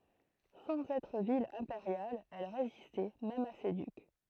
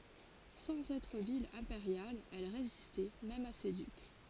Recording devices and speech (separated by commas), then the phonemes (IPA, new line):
throat microphone, forehead accelerometer, read sentence
sɑ̃z ɛtʁ vil ɛ̃peʁjal ɛl ʁezistɛ mɛm a se dyk